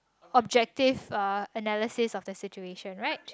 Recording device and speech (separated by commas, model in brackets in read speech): close-talking microphone, conversation in the same room